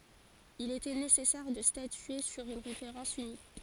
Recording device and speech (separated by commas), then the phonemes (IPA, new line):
forehead accelerometer, read sentence
il etɛ nesɛsɛʁ də statye syʁ yn ʁefeʁɑ̃s ynik